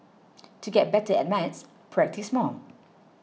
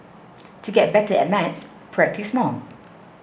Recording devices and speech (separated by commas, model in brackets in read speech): mobile phone (iPhone 6), boundary microphone (BM630), read sentence